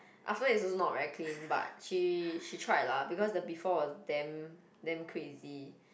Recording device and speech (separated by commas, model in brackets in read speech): boundary microphone, conversation in the same room